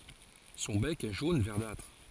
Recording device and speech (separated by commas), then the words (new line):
forehead accelerometer, read sentence
Son bec est jaune verdâtre.